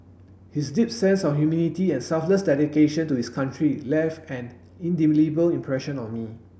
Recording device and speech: boundary microphone (BM630), read sentence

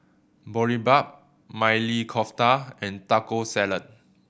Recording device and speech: boundary microphone (BM630), read sentence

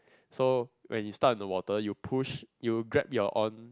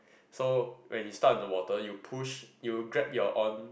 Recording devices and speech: close-talking microphone, boundary microphone, conversation in the same room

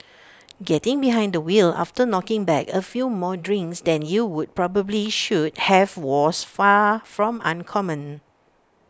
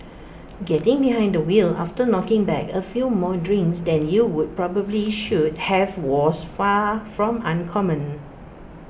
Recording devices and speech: standing microphone (AKG C214), boundary microphone (BM630), read sentence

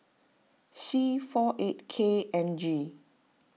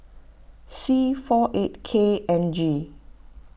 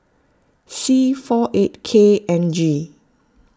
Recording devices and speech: mobile phone (iPhone 6), boundary microphone (BM630), close-talking microphone (WH20), read sentence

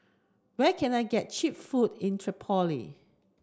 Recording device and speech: standing microphone (AKG C214), read sentence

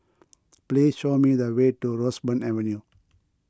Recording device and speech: close-talking microphone (WH20), read sentence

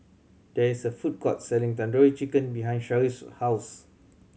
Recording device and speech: mobile phone (Samsung C7100), read sentence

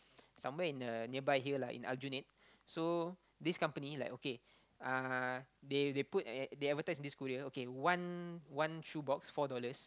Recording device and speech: close-talking microphone, conversation in the same room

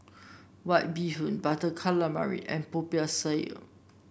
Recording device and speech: boundary microphone (BM630), read sentence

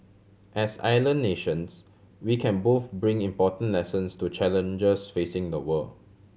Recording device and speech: mobile phone (Samsung C7100), read sentence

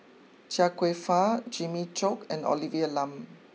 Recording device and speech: mobile phone (iPhone 6), read sentence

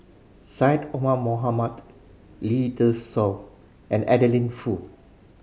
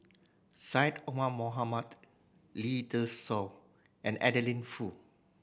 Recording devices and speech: mobile phone (Samsung C5010), boundary microphone (BM630), read sentence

